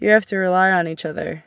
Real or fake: real